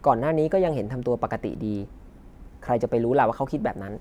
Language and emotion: Thai, neutral